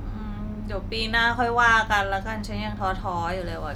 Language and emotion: Thai, frustrated